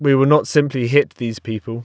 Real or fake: real